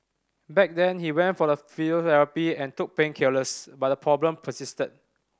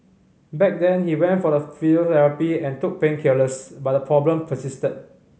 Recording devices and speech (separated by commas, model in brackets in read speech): standing microphone (AKG C214), mobile phone (Samsung C5010), read sentence